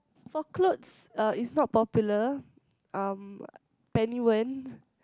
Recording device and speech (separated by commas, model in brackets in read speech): close-talking microphone, conversation in the same room